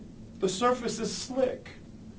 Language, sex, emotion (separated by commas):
English, male, neutral